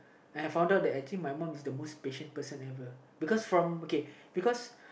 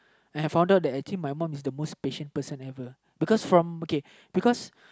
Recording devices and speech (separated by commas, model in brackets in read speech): boundary microphone, close-talking microphone, conversation in the same room